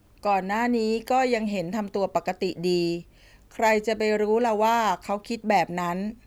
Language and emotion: Thai, neutral